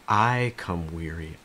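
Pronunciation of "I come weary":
In 'I come weary', the stress is on 'I'.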